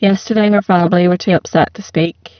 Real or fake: fake